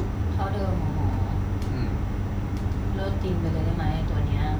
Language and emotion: Thai, frustrated